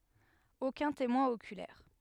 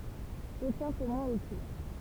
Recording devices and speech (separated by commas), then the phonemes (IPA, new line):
headset microphone, temple vibration pickup, read sentence
okœ̃ temwɛ̃ okylɛʁ